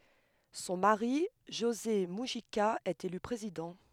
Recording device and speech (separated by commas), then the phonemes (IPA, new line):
headset microphone, read sentence
sɔ̃ maʁi ʒoze myʒika ɛt ely pʁezidɑ̃